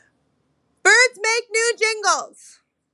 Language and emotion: English, fearful